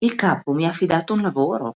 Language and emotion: Italian, surprised